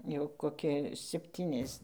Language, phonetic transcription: Lithuanian, ˈjau koˈki sepˈtynias

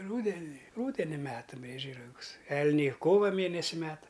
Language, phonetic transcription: Lithuanian, ˈrūdeni ˈrūdeni ˈmeta ˈbriedžiai raˈgus ˈelniai ˈkova ˈmėnesi ˈmeta

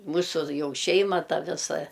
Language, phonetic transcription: Lithuanian, ˈmūsu ˈjau ˈšeima ˈta ˈvisa

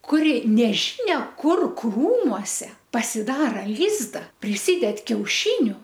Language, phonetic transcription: Lithuanian, kuˈri neˈžynia ˈkur ˈkrūmuose pasiˈdara ˈlyzda priˈsyded kiauˈšyniu

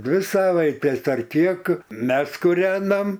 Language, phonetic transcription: Lithuanian, ˈdvi ˈsavaitės ar ˈkiek ˈmes kuˈrenam

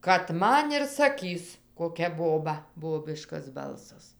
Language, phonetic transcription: Lithuanian, kad ˈman ir saˈkys koˈkia ˈboba ˈbobiškas ˈbalsas

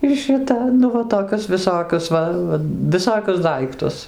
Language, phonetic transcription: Lithuanian, ir šiˈta nu ˈva toˈkius viˈsokius ˈva viˈsokius ˈdaiktus

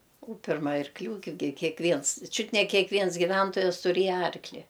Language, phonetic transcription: Lithuanian, u ˈpirma arkˈlių gi kė kėkˈviens ˈčiut ne kėkˈviens giˈventojas tuˈrėja ˈarkli

